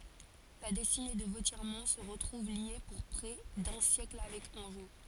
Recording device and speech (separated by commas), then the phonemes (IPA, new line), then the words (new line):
forehead accelerometer, read sentence
la dɛstine də votjɛʁmɔ̃ sə ʁətʁuv lje puʁ pʁɛ dœ̃ sjɛkl avɛk ɑ̃ʒo
La destinée de Vauthiermont se retrouve liée pour près d'un siècle avec Angeot.